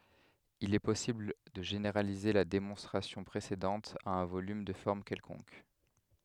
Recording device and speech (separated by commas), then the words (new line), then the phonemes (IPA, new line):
headset microphone, read sentence
Il est possible de généraliser la démonstration précédente à un volume de forme quelconque.
il ɛ pɔsibl də ʒeneʁalize la demɔ̃stʁasjɔ̃ pʁesedɑ̃t a œ̃ volym də fɔʁm kɛlkɔ̃k